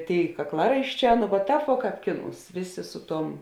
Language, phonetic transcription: Lithuanian, ˈtėi kakˈlaraišˌčē nu va ˈtāp vuo ˈkāp ˈkiˌnūs ˈvėˌsė ˈsu ˌtuom

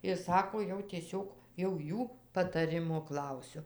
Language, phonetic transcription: Lithuanian, ir ˈsako jau tieˈsiog jau ˈjų pataˈrimo ˈklausiu

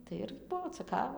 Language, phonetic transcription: Lithuanian, tai ˈir ˈbuo ceˈkava

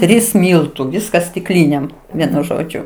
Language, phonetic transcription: Lithuanian, ˈtrys ˈmyltu ˈviskas stikˈlynėm ˈvienu ˈžodžiu

